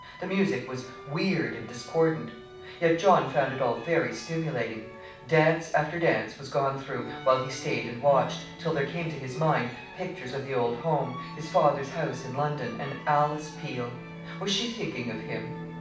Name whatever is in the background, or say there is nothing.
Music.